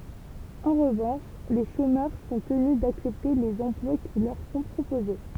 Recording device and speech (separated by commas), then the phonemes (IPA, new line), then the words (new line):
temple vibration pickup, read sentence
ɑ̃ ʁəvɑ̃ʃ le ʃomœʁ sɔ̃ təny daksɛpte lez ɑ̃plwa ki lœʁ sɔ̃ pʁopoze
En revanche, les chômeurs sont tenus d’accepter les emplois qui leur sont proposés.